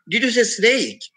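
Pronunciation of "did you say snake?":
'Did you say snake?' is said with a high rise: the voice rises.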